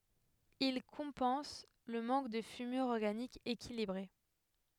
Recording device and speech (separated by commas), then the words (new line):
headset microphone, read sentence
Ils compensent le manque de fumure organique équilibrée.